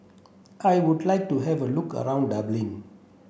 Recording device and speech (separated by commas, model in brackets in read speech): boundary microphone (BM630), read sentence